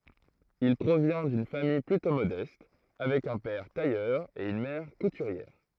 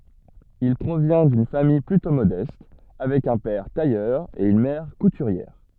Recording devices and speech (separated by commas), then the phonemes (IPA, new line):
throat microphone, soft in-ear microphone, read sentence
il pʁovjɛ̃ dyn famij plytɔ̃ modɛst avɛk œ̃ pɛʁ tajœʁ e yn mɛʁ kutyʁjɛʁ